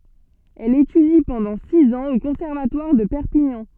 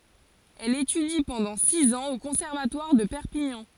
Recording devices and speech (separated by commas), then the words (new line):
soft in-ear microphone, forehead accelerometer, read sentence
Elle étudie pendant six ans au conservatoire de Perpignan.